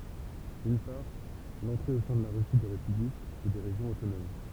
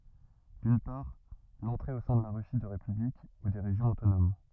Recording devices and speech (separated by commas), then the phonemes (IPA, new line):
temple vibration pickup, rigid in-ear microphone, read sentence
dyn paʁ lɑ̃tʁe o sɛ̃ də la ʁysi də ʁepyblik u de ʁeʒjɔ̃z otonom